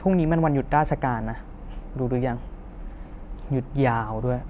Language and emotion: Thai, frustrated